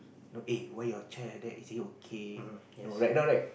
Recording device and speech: boundary microphone, conversation in the same room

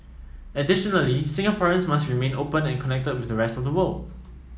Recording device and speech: mobile phone (iPhone 7), read sentence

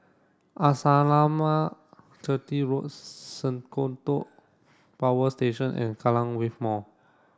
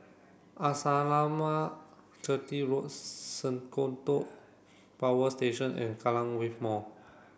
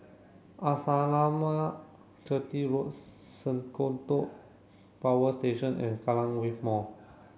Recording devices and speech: standing microphone (AKG C214), boundary microphone (BM630), mobile phone (Samsung C7), read sentence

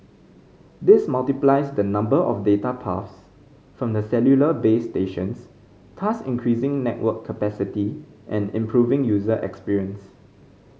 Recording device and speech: mobile phone (Samsung C5010), read sentence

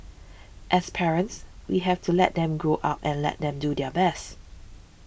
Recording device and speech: boundary microphone (BM630), read sentence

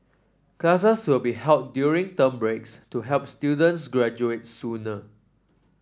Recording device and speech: standing microphone (AKG C214), read sentence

